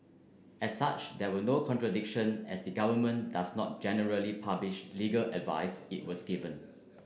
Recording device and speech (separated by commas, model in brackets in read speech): boundary microphone (BM630), read sentence